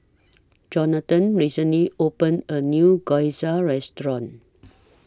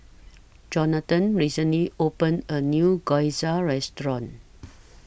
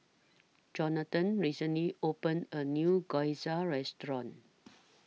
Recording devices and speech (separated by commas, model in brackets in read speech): standing microphone (AKG C214), boundary microphone (BM630), mobile phone (iPhone 6), read sentence